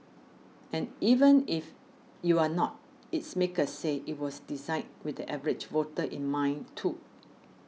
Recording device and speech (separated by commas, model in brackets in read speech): mobile phone (iPhone 6), read sentence